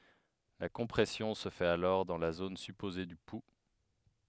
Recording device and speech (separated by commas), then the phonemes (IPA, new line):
headset microphone, read sentence
la kɔ̃pʁɛsjɔ̃ sə fɛt alɔʁ dɑ̃ la zon sypoze dy pu